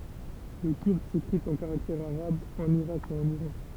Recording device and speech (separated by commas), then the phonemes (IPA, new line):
temple vibration pickup, read sentence
lə kyʁd sekʁit ɑ̃ kaʁaktɛʁz aʁabz ɑ̃n iʁak e ɑ̃n iʁɑ̃